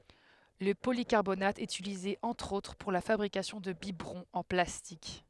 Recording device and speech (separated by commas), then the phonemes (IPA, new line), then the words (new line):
headset microphone, read sentence
lə polikaʁbonat ɛt ytilize ɑ̃tʁ otʁ puʁ la fabʁikasjɔ̃ də bibʁɔ̃z ɑ̃ plastik
Le polycarbonate est utilisé entre autres pour la fabrication de biberons en plastique.